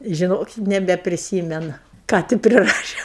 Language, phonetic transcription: Lithuanian, žiˈnok nebepriˈsymenu ˈką ti priˈrašė

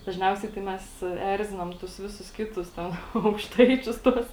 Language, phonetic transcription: Lithuanian, dažˈniausiai tai ˈmes ˈerzinam ˈtus ˈvisus ˈkitus ˈten aukšˈtaičius ˈtuos

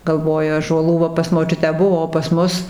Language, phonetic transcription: Lithuanian, galˈvoju ąžuoˈlų va pas moˈčiutę ˈbuvo o pas ˈmus

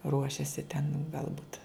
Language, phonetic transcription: Lithuanian, ˈruošiasi ten galˈbut

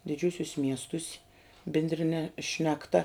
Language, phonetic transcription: Lithuanian, diˈdžiūsius' ˈmiestus' bindriˈne šnekˈta

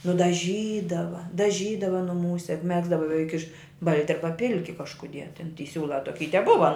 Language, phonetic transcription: Lithuanian, nudaˈžydava daˈžydava nuˈmūse juk ˈmegzdava beˈveik iš ˈbalti ˈarba ˈpilki kažkuˈdie ten ty ˈsiūla toˈky i teˈbuva

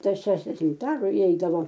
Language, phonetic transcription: Lithuanian, ˈtas ˈšešdešimt ˈaru iˈeidavo

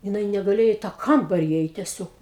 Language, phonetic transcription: Lithuanian, jiˈnai negaˈlėjo į tą ˈkambari įˈeit teˈsiog

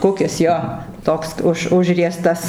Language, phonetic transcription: Lithuanian, ˈkukis ˈjo ˈtoks ˈuž ˈužriestas

